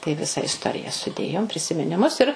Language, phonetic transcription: Lithuanian, tai ˈvisa isˈtorija suˈdėjom prisiminiˈmus ir

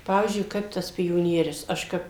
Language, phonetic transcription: Lithuanian, ˈpavyzdžiui ˈkaip tas pioˈnierius ˈaš kap

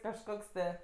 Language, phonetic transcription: Lithuanian, kažˈkoks tɜ

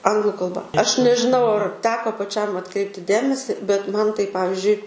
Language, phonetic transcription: Lithuanian, ˈanglu kalˈba ˈaš nežiˈnau ar ˈteko paˈčiam atˈkreipti ˈdėmesi bet ˈman tai ˈpavizdžiui

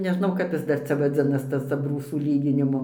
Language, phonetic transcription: Lithuanian, neˈžnau ˈkap jis ˈdar ˈcia vaˈdzinas ˈtas abˈrūsų ˈlyginimu

